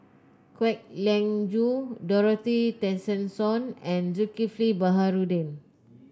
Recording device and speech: close-talking microphone (WH30), read sentence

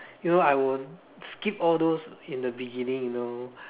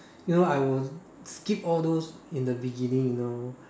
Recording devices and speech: telephone, standing microphone, conversation in separate rooms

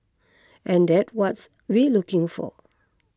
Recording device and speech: close-talking microphone (WH20), read sentence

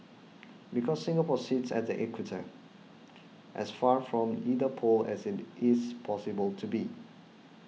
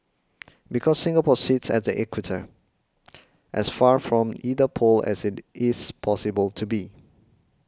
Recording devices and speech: mobile phone (iPhone 6), close-talking microphone (WH20), read sentence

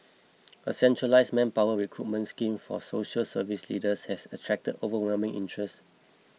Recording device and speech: mobile phone (iPhone 6), read sentence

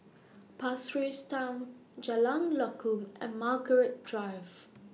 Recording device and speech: mobile phone (iPhone 6), read sentence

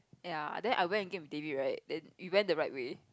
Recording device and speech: close-talking microphone, conversation in the same room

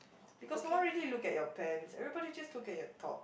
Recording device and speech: boundary microphone, conversation in the same room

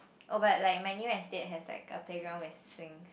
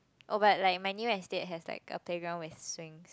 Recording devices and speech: boundary microphone, close-talking microphone, conversation in the same room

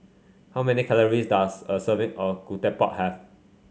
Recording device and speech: mobile phone (Samsung C5), read sentence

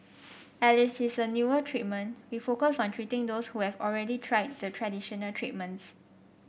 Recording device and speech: boundary microphone (BM630), read sentence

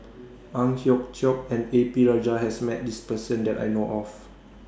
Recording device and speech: standing microphone (AKG C214), read sentence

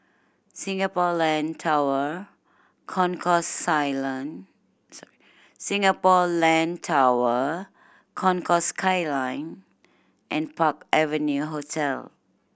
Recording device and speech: boundary microphone (BM630), read sentence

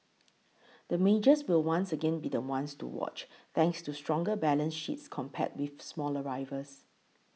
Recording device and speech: mobile phone (iPhone 6), read sentence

